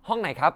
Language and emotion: Thai, neutral